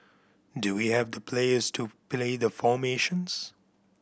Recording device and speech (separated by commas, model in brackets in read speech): boundary microphone (BM630), read sentence